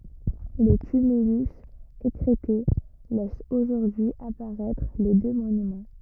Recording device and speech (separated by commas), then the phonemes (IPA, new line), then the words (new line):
rigid in-ear microphone, read sentence
lə tymylys ekʁɛte lɛs oʒuʁdyi apaʁɛtʁ le dø monymɑ̃
Le tumulus, écrêté, laisse aujourd'hui apparaître les deux monuments.